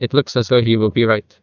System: TTS, neural waveform model